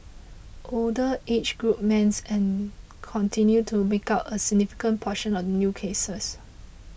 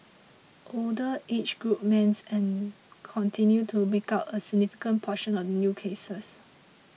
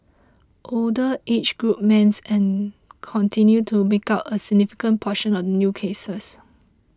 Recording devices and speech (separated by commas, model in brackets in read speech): boundary microphone (BM630), mobile phone (iPhone 6), close-talking microphone (WH20), read sentence